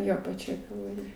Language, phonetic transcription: Lithuanian, ˈjo paˈčioj kalvaˈrijoj

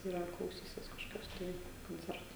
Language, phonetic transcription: Lithuanian, ir ar klauˈsysis kažkoˈkios tai konˈcerto

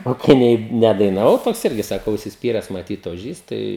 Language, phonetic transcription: Lithuanian, o kai ˈnei ˌnedainaˈvau ˈtoks ˈirgi ˈsaka užsisˈpyres maˈtyt oˈžys ˈtai

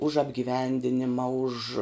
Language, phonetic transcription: Lithuanian, už apgiˈvendinima už

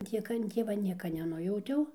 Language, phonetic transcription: Lithuanian, ˈtiek an ˈtieva ˈnieka neˈnujautiau

